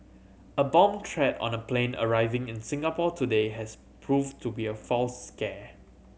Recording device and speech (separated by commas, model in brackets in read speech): mobile phone (Samsung C7100), read sentence